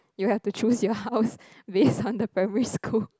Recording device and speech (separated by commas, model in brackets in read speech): close-talking microphone, conversation in the same room